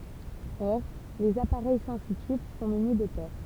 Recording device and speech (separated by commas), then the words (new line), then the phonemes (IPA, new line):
temple vibration pickup, read sentence
Or, les appareils sensitifs sont munis de pores.
ɔʁ lez apaʁɛj sɑ̃sitif sɔ̃ myni də poʁ